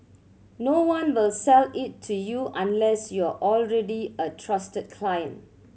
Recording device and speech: mobile phone (Samsung C7100), read sentence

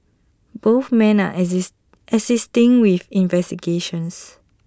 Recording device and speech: standing microphone (AKG C214), read sentence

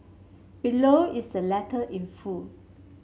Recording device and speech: mobile phone (Samsung C7), read sentence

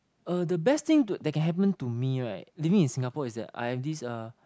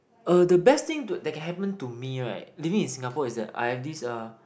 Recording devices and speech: close-talking microphone, boundary microphone, conversation in the same room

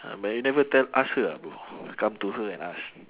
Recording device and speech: telephone, conversation in separate rooms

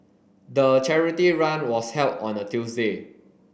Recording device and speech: boundary microphone (BM630), read sentence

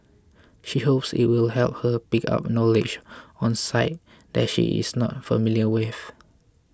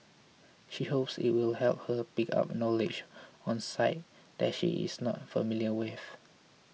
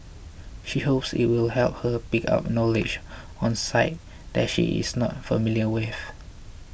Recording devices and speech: close-talking microphone (WH20), mobile phone (iPhone 6), boundary microphone (BM630), read sentence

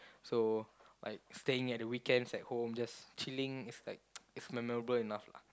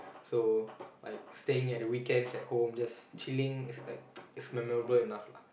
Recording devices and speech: close-talking microphone, boundary microphone, conversation in the same room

